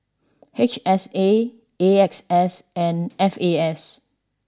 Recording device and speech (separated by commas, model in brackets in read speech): standing microphone (AKG C214), read sentence